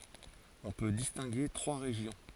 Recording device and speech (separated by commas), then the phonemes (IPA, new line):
forehead accelerometer, read sentence
ɔ̃ pø distɛ̃ɡe tʁwa ʁeʒjɔ̃